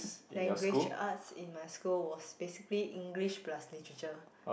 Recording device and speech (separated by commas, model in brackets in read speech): boundary microphone, conversation in the same room